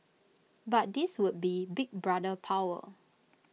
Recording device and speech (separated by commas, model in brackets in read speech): mobile phone (iPhone 6), read sentence